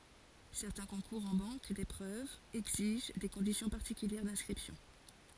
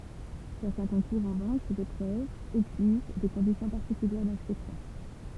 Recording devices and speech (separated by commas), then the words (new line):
forehead accelerometer, temple vibration pickup, read sentence
Certains concours en banque d’épreuves exigent des conditions particulières d’inscription.